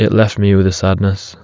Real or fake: real